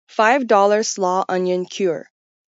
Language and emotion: English, neutral